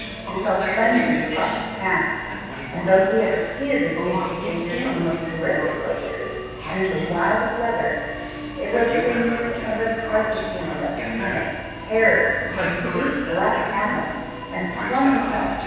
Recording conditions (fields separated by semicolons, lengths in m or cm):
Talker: one person; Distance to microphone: 7.1 m; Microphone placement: far; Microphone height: 1.7 m; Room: very reverberant, large; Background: television